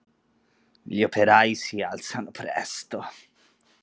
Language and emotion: Italian, disgusted